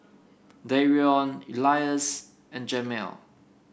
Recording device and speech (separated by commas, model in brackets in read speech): boundary microphone (BM630), read sentence